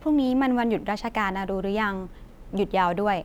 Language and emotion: Thai, neutral